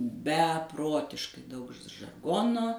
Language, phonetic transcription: Lithuanian, beˈprotiškai ˈdaug žarˈgono

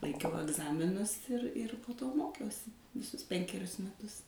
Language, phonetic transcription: Lithuanian, laikˈiau agˈzaminus ir ir po ˈto ˈmokiausi viˈsus ˈpenkerius meˈtus

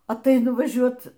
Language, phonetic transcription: Lithuanian, atˈainu vaˈžiuot

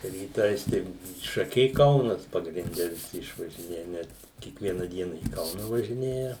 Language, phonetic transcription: Lithuanian, ryˈtais tai šaˈkiai ˈkaunas pagrinˈde viˈsi išvažiˈnėja ˈnet kiekˈviena ˈdiena į ˈkauna važiˈnėja

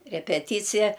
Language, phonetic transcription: Lithuanian, repeˈtycija

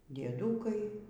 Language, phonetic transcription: Lithuanian, dieˈdūkai

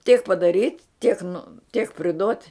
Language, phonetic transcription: Lithuanian, tiek padaˈryt' tiek nu tiek priˈdot'

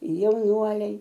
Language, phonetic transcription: Lithuanian, jauˈnuoliai

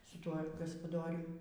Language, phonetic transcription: Lithuanian, su ˈtuo gaspaˈdorium

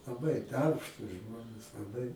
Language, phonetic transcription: Lithuanian, laˈbai ˈdarbštūs ˈžmonės laˈbai

